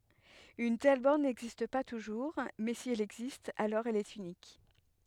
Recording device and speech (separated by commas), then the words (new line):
headset microphone, read sentence
Une telle borne n'existe pas toujours, mais si elle existe alors elle est unique.